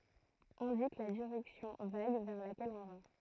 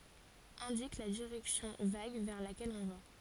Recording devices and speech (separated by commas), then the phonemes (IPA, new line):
throat microphone, forehead accelerometer, read sentence
ɛ̃dik la diʁɛksjɔ̃ vaɡ vɛʁ lakɛl ɔ̃ va